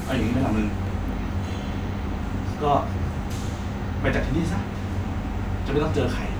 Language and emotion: Thai, frustrated